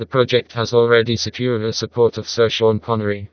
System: TTS, vocoder